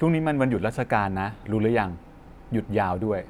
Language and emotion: Thai, neutral